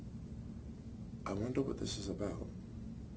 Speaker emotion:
fearful